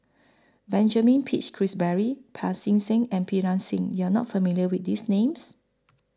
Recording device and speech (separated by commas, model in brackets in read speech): close-talking microphone (WH20), read sentence